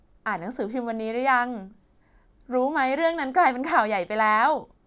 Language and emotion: Thai, happy